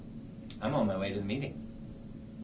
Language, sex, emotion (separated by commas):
English, male, neutral